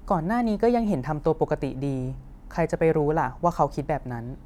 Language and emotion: Thai, neutral